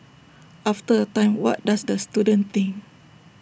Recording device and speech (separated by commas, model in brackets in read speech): boundary microphone (BM630), read sentence